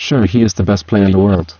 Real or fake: fake